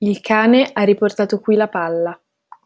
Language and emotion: Italian, neutral